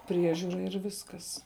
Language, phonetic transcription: Lithuanian, ˈpriežiūra ir ˈviskas

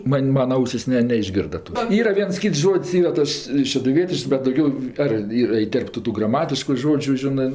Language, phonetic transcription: Lithuanian, ˈman' ˈmana ˈausis ˈne neišˈgirda ˈtos ˈyra ˈviens ˈkyts ˈžod's' ˈyra ˈtas šeduˈvietišks bet dauˈgiau ar ˈyr iˈterptu ˈtų graˈmatišku ˈžodžiu ˈžinɜ

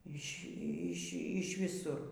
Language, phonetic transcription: Lithuanian, ˈyš' ˈyš' ˈyš' viˈsur

